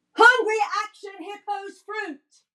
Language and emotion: English, happy